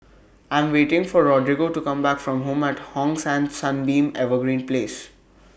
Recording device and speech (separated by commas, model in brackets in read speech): boundary microphone (BM630), read sentence